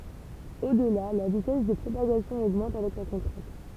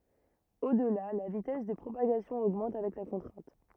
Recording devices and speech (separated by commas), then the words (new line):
temple vibration pickup, rigid in-ear microphone, read sentence
Au-delà, la vitesse de propagation augmente avec la contrainte.